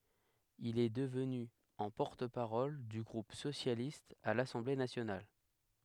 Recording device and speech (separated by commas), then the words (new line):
headset microphone, read sentence
Il est devenu en porte-parole du groupe socialiste à l'Assemblée nationale.